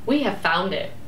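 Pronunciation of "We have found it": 'We have found it' is said as a statement with one stress, and the voice goes up.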